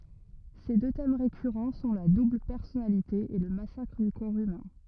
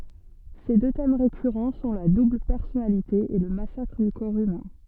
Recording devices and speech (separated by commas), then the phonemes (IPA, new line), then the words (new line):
rigid in-ear microphone, soft in-ear microphone, read sentence
se dø tɛm ʁekyʁɑ̃ sɔ̃ la dubl pɛʁsɔnalite e lə masakʁ dy kɔʁ ymɛ̃
Ses deux thèmes récurrents sont la double personnalité et le massacre du corps humain.